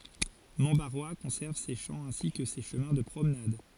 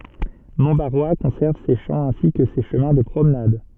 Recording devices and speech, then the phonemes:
forehead accelerometer, soft in-ear microphone, read sentence
mɔ̃tbaʁwa kɔ̃sɛʁv se ʃɑ̃ ɛ̃si kə se ʃəmɛ̃ də pʁomnad

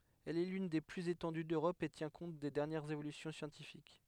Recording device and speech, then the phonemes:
headset microphone, read sentence
ɛl ɛ lyn de plyz etɑ̃dy døʁɔp e tjɛ̃ kɔ̃t de dɛʁnjɛʁz evolysjɔ̃ sjɑ̃tifik

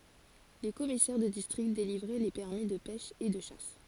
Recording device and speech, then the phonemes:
forehead accelerometer, read sentence
le kɔmisɛʁ də distʁikt delivʁɛ le pɛʁmi də pɛʃ e də ʃas

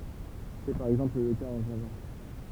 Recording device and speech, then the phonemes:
temple vibration pickup, read sentence
sɛ paʁ ɛɡzɑ̃pl lə kaz ɑ̃ ʒava

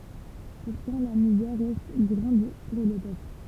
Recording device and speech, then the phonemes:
temple vibration pickup, read sentence
puʁtɑ̃ la mizɛʁ ʁɛst ɡʁɑ̃d puʁ lə pøpl

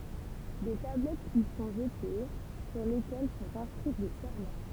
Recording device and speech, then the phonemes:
temple vibration pickup, read sentence
de tablɛtz i sɔ̃ ʒəte syʁ lekɛl sɔ̃t ɛ̃skʁi de sɛʁmɑ̃

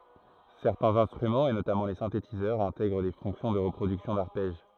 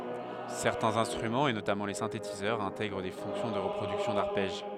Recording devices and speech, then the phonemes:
throat microphone, headset microphone, read sentence
sɛʁtɛ̃z ɛ̃stʁymɑ̃z e notamɑ̃ le sɛ̃tetizœʁz ɛ̃tɛɡʁ de fɔ̃ksjɔ̃ də ʁəpʁodyksjɔ̃ daʁpɛʒ

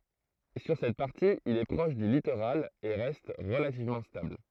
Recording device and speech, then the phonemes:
throat microphone, read sentence
syʁ sɛt paʁti il ɛ pʁɔʃ dy litoʁal e ʁɛst ʁəlativmɑ̃ stabl

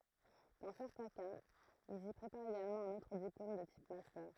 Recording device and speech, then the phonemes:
throat microphone, read sentence
dɑ̃ sɛʁtɛ̃ kaz ilz i pʁepaʁt eɡalmɑ̃ œ̃n otʁ diplom də tip mastœʁ

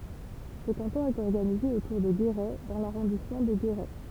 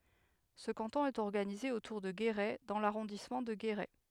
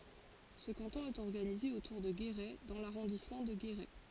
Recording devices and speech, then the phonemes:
temple vibration pickup, headset microphone, forehead accelerometer, read sentence
sə kɑ̃tɔ̃ ɛt ɔʁɡanize otuʁ də ɡeʁɛ dɑ̃ laʁɔ̃dismɑ̃ də ɡeʁɛ

